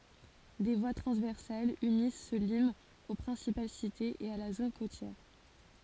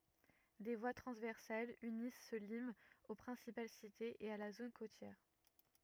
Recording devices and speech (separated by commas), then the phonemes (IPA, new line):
forehead accelerometer, rigid in-ear microphone, read sentence
de vwa tʁɑ̃zvɛʁsalz ynis sə limz o pʁɛ̃sipal sitez e a la zon kotjɛʁ